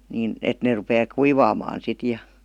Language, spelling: Finnish, mutta sitten täytyy antaa vähän kun taas lämmittää vielä sitä lisää sitten paljon lasketaan sauhu - sisälle sitten
- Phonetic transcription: mut "sit täytyy p§antà , 'vähä , kun 'taas "lämmyttää viäl , sⁱtä "lisää (sip pal-) lasketaa "sauhu 'si- , "sisääl sit .

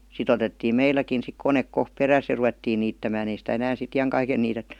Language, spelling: Finnish, sitten otettiin meilläkin sitten kone kohta perässä ja ruvettiin niittämään ei sitä enää sitten iankaiken niitetty
- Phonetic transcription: si't ‿otettii 'meilläkin sik 'konek 'kohp "peräs ja 'ruvettii niittämään ‿ei sitä 'enään si"t ‿ijaŋkaiken niitettY .

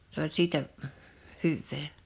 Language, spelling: Finnish, se oli siitä hyvää
- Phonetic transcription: s ‿oĺ 'siitä , 'hyvvee .

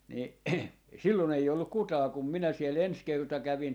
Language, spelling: Finnish, niin silloin ei ollut ketään kun minä siellä ensi kerta kävin
- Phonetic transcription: ni 'sillon ‿ei olluk 'kutaa kum minä 'siel "ens 'kerta 'kävin .

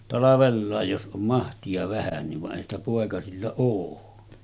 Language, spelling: Finnish, talvella jos on mahtia vähänkin vaan eihän sitä poikasilla ole
- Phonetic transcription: 'talavellàej jos ’om 'mahti₍a 'vähänniv va’ ’èihän ‿stä pòekasilla oo .

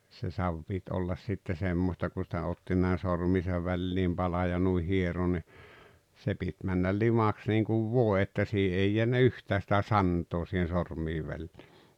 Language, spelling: Finnish, se savi piti olla sitten semmoista kun sitä otti näin sormiensa väliin palan ja noin hieroi niin se piti mennä limaksi niin kuin voi että siinä ei jäänyt yhtään sitä santaa siihen sormien väliin
- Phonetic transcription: se "sav pit ollas sitte 'semmosta kun̬ sⁱtä 'otti nä̀e 'sormiisa 'välliim 'Bala ja 'nuih 'hiero ni , 'se pit männal "limaks niiŋkuv "vòe että 'sii ei 'jeännä "yhtää sⁱtä "santoo sihen̬ 'sormii 'vällii .

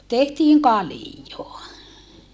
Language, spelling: Finnish, tehtiin kaljaa
- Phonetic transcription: tehtiiŋ kalijoa .

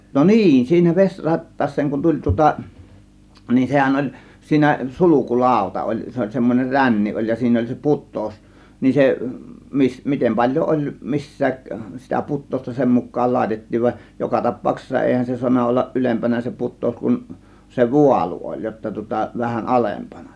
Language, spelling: Finnish, no niin siinä vesi rattaaseen kun tuli tuota niin sehän oli siinä sulku lauta oli se oli semmoinen ränni oli ja siinä oli se putous niin se - miten paljon oli missäkin sitä putousta niin sen mukaan laitettiin vaan joka tapauksessa eihän se saanut olla ylempänä se putous kun se vaalu oli jotta tuota vähän alempana
- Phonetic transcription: no "niin , sii(nä) 'ves͕ "rattaas̆seeŋ kun 'tuĺ tŭŏta , nin 'sehän oĺ , siinä 'suluku "làȯta oĺ , 'se oĺ semmon͕er "ränni oĺ ja siinä oĺ se "put̆tòus , nin 'se , mis- , 'mitem paĺjoˀ 'ˀoĺ missääk , sitä "put̆tòusta nin "sem muk̆kaal "làėtettiiv va , joka 'tap̆pauksessa 'èihän se suanna 'ollaˀ "ˀylempänä se "put̆tòus kun , se "vualu oĺ jotta tŭŏta vähän "alempana .

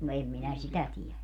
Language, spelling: Finnish, no en minä sitä tiedä
- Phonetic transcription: no 'em minä "sitä 'tiɛlä .

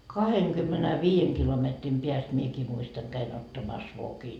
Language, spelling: Finnish, kahdenkymmenenviiden kilometrin päästä minäkin muistan kävin ottamassa vokin
- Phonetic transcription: 'kaheŋkymmenä'viijeŋ kilometrim piäst "miekii 'muistaŋ käin ottamas 'vokin .

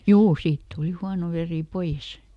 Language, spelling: Finnish, juu siitä tuli huono veri pois
- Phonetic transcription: "juu ˈsiit ˈtuli ˈhuano ˈverì "poiʲes .

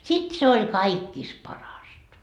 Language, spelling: Finnish, sitten se oli kaikista parasta
- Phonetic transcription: 'sit 'se ol "kaikkis 'parasta .

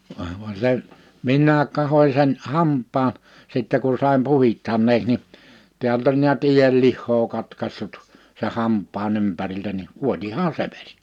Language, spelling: Finnish, ei vuoda vaan se minä katsoin sen hampaan sitten kun sain puhdistaneeksi niin täältä oli näet ienlihaa katkaisut sen hampaan ympäriltä niin vuotihan se veri
- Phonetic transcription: əə , (vua) va se , 'minnääk kahoⁱ sen , 'hamp̆paan , sittɛ ku sàim 'puhi(s)tanneeks ni , 'tiält ‿oĺ niät 'iʲellihhoo 'katkassut , seʰ 'hamp̆paa'n ‿ympäriltä ni , 'vuotihaan "se vᴇʀ́ .

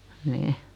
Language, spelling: Finnish, niin
- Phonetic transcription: 'nih .

